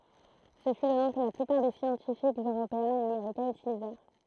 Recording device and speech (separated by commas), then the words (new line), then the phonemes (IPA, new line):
throat microphone, read sentence
Ce fut le nom que la plupart des scientifiques européens et américains utilisèrent.
sə fy lə nɔ̃ kə la plypaʁ de sjɑ̃tifikz øʁopeɛ̃z e ameʁikɛ̃z ytilizɛʁ